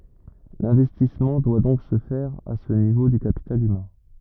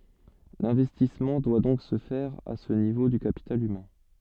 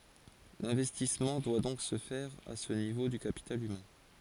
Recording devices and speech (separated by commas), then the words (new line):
rigid in-ear microphone, soft in-ear microphone, forehead accelerometer, read sentence
L'investissement doit donc se faire à ce niveau du capital humain.